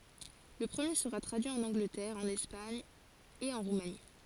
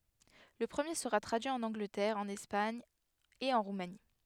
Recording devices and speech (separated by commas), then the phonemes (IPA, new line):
forehead accelerometer, headset microphone, read sentence
lə pʁəmje səʁa tʁadyi ɑ̃n ɑ̃ɡlətɛʁ ɑ̃n ɛspaɲ e ɑ̃ ʁumani